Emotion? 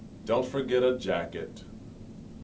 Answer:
neutral